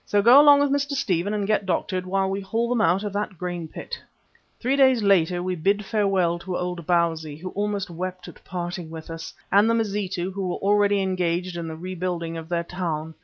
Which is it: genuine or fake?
genuine